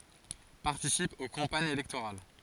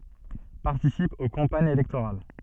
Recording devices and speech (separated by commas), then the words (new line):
forehead accelerometer, soft in-ear microphone, read sentence
Participe aux campagnes électorales.